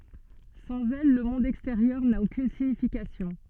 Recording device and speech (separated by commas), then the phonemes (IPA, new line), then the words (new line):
soft in-ear microphone, read sentence
sɑ̃z ɛl lə mɔ̃d ɛksteʁjœʁ na okyn siɲifikasjɔ̃
Sans elles, le monde extérieur n'a aucune signification.